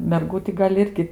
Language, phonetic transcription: Lithuanian, merˈgų ti ˈgal' ˈirgi

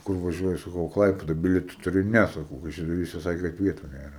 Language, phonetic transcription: Lithuanian, ˈkur vaˈžiuoji saˈkau i ˈklaipeda ˈbilieta tuˈri ne saˈkau kaišiadoˈryse ˈsake kad ˈvietu nėˈra

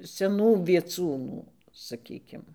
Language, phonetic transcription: Lithuanian, seˈnų vieˈcūnų saˈkykim

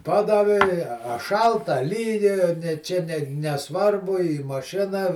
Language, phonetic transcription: Lithuanian, ˈpadavi i a a ˈšalta a ˈlyja ne ˈčia ne neˈsvarbu į maˈšina

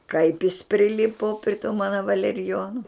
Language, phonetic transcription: Lithuanian, kaip jis priˈlipu pri tų ˈmana valeriˈjonu

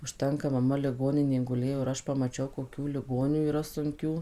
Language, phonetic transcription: Lithuanian, užˈtenka maˈma liˈgoninėj guˈlėjo ir ˈaš pamaˈčiau koˈkių liˈgonių yˈra sunˈkių

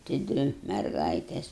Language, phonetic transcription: Lithuanian, tai ˈdvi merˈgaitės

